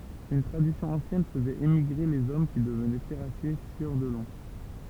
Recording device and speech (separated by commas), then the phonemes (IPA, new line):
temple vibration pickup, read sentence
yn tʁadisjɔ̃ ɑ̃sjɛn fəzɛt emiɡʁe lez ɔm ki dəvnɛ tɛʁasje sjœʁ də lɔ̃